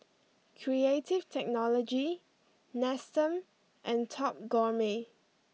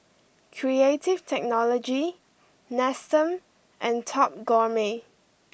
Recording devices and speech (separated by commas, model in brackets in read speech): mobile phone (iPhone 6), boundary microphone (BM630), read sentence